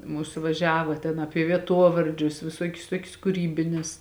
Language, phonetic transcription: Lithuanian, ˈmūsu vaˈžiava ten ˈapie vieˈtuovardžius viˈsuokius ˈtuokius kuˈrybinis

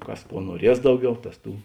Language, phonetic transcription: Lithuanian, ˈkas ˈkuo nuoˈries ˈdauˌgiau ˈtas ˈtų

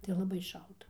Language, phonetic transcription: Lithuanian, tai laˈbai ˈšalta

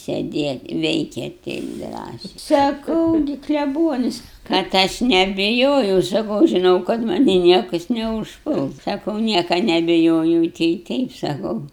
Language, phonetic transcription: Lithuanian, sedėt' ˈveikėt ˈteip ˈdrąsiai saˈkau gi kleˈbuonis kad ˈaš nebiˈjojau saˈkau žiˈnau kad ˈmanį ˈniekas neužˈpuls ˈsakau ˈnieka nebiˈjojau tai ˈteip saˈkau

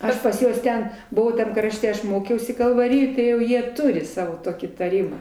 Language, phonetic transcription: Lithuanian, ˈaš pas ˈjuos ˈten ˈbuvau tam ˈkrašte ˈaš ˈmokiausi kalvaˈrijoj tai jau ˈjie ˈturi ˈsavo ˈtokį taˈrimą

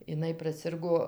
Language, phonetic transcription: Lithuanian, iˈnai praˈsirgo

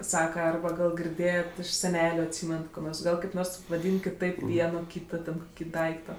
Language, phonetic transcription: Lithuanian, ˈsaka ˈarba ˈgal girˈdėjet' iš seˈneliu atˈsymenat ˈko ˈgal kaip ˈnors vaˈdyn kiˈtaip ˈvieno ˈkyto ten ˈkoki ˈdaikto

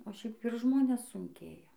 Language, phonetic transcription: Lithuanian, o ˈšiaip ir ˈžmones sunˈkėja

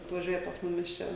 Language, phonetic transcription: Lithuanian, atvaˈžiuoja pas ˈmumis ˈčia

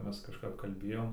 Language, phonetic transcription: Lithuanian, ˈmes kažˈkap kalˈbėjom

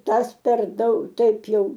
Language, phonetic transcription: Lithuanian, ˈtas per ˈdaug ˈtaip ˈjau

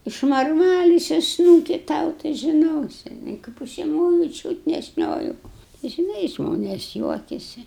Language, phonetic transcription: Lithuanian, išmarˈmalisiu ˈsnūki ˈtau tai žiˈnosi i kaip užsiˈmoju ˈčiūt ne ˈšnioju žiˈnai ˈžmonės ˈjuokiasi

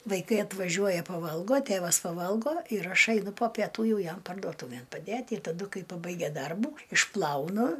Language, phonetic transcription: Lithuanian, vaiˈkai atvaˈžiuoja paˈvalgo ˈtėvas paˈvalgo ir ˈaš aiˈnu po peˈtų ˈjau ˈjam pardoˈtūvėn paˈdėt' i taˈdu ˈkai paˈbaigia ˈdarbų išˈplaunu

